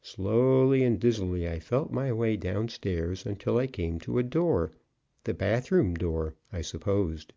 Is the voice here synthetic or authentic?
authentic